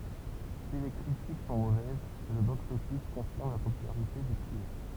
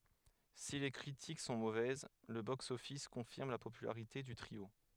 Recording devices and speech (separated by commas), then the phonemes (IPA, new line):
temple vibration pickup, headset microphone, read sentence
si le kʁitik sɔ̃ movɛz lə boksɔfis kɔ̃fiʁm la popylaʁite dy tʁio